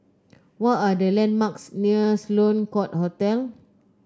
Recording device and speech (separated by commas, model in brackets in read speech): close-talking microphone (WH30), read sentence